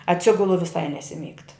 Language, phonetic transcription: Lithuanian, atˈsigulu viˈsai nesiˈmygt

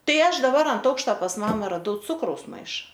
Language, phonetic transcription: Lithuanian, ˈtai ˈaš daˈbar ant ˈaukšta pas ˈmama raˈdau ˈcukraus ˈmaiša

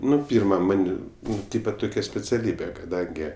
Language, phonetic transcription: Lithuanian, ˈnu ˈpyrma ˈman' ˈnu ˈtypa ˈtukia speciaˈlybe kaˈdangi

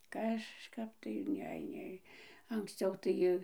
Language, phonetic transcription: Lithuanian, kažˈkap tai ˈne ˈnei anksˈciau tai

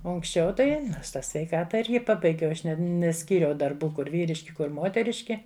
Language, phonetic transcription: Lithuanian, ˈo unksˈčiau ˈtai ˈnors ˈtą sveiˈkata ˈirgi ˈpabaigiau ˈaš neˈskyriau darˈbų ˈkur ˈvyriški ˈkur ˈmoteriški

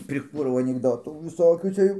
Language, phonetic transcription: Lithuanian, priˈkūrau anikˈdotų viˈsokių ˈcia jau

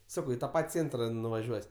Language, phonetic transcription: Lithuanian, ˈsakau i ta ˈpat' ˈcėntra nuvaˈžiuos'

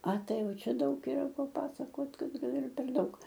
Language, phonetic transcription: Lithuanian, a ˈtai ˈjau ˈčia ˈdaug yˈra paˈpasakot ˈgal ir per ˈdaug

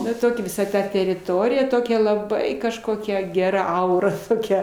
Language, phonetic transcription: Lithuanian, ˈna ˈtokia viˈsa ˈta teriˈtorija ˈtokia laˈbai kažˈkokia geˈra ˈaura toˈkia

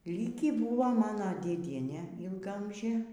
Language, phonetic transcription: Lithuanian, ˈlykį ˈbuvo ˈmano dėˈdienė ilgaˈamžė

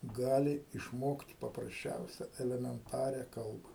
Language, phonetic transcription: Lithuanian, ˈgali išˈmokt paprasˈčiausia elemenˈtaria ˈkalba

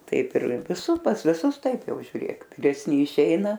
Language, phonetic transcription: Lithuanian, ˈtaip ir viˈsų pas viˈsus ˈtaip ˈjau žiuˈrėk viresˈni iˈšeina

